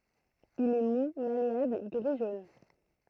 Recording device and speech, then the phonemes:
throat microphone, read sentence
il ɛ mu maleabl ɡʁi ʒon

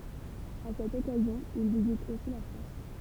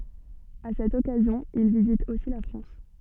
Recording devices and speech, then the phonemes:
temple vibration pickup, soft in-ear microphone, read sentence
a sɛt ɔkazjɔ̃ il vizit osi la fʁɑ̃s

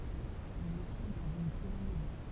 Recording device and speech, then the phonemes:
temple vibration pickup, read sentence
il eʃu dɑ̃z yn tʁiɑ̃ɡylɛʁ

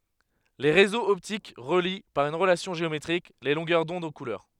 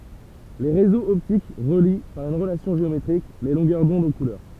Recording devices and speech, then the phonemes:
headset microphone, temple vibration pickup, read sentence
le ʁezoz ɔptik ʁəli paʁ yn ʁəlasjɔ̃ ʒeometʁik le lɔ̃ɡœʁ dɔ̃d o kulœʁ

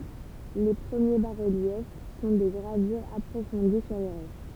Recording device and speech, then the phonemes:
temple vibration pickup, read sentence
le pʁəmje basʁəljɛf sɔ̃ de ɡʁavyʁz apʁofɔ̃di syʁ le ʁoʃ

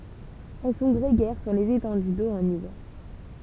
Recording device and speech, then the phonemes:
temple vibration pickup, read sentence
ɛl sɔ̃ ɡʁeɡɛʁ syʁ lez etɑ̃dy do ɑ̃n ivɛʁ

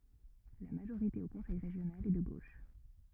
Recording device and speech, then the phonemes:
rigid in-ear microphone, read sentence
la maʒoʁite o kɔ̃sɛj ʁeʒjonal ɛ də ɡoʃ

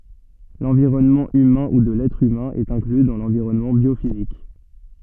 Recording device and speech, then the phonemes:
soft in-ear microphone, read sentence
lɑ̃viʁɔnmɑ̃ ymɛ̃ u də lɛtʁ ymɛ̃ ɛt ɛ̃kly dɑ̃ lɑ̃viʁɔnmɑ̃ bjofizik

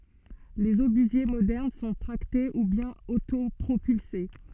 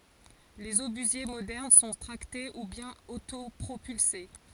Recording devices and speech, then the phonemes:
soft in-ear microphone, forehead accelerometer, read sentence
lez obyzje modɛʁn sɔ̃ tʁakte u bjɛ̃n otopʁopylse

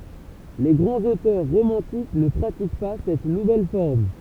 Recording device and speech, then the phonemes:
temple vibration pickup, read sentence
le ɡʁɑ̃z otœʁ ʁomɑ̃tik nə pʁatik pa sɛt nuvɛl fɔʁm

